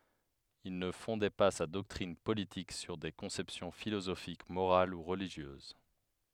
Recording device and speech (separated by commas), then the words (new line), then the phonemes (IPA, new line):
headset microphone, read sentence
Il ne fondait pas sa doctrine politique sur des conceptions philosophiques morales ou religieuses.
il nə fɔ̃dɛ pa sa dɔktʁin politik syʁ de kɔ̃sɛpsjɔ̃ filozofik moʁal u ʁəliʒjøz